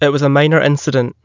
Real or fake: real